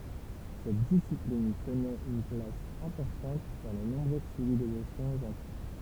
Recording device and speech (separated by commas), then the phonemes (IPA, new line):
temple vibration pickup, read sentence
sɛt disiplin tənɛt yn plas ɛ̃pɔʁtɑ̃t dɑ̃ də nɔ̃bʁøz sivilizasjɔ̃z ɑ̃tik